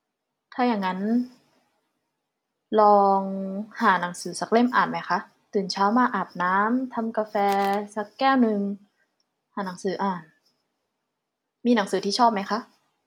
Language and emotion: Thai, neutral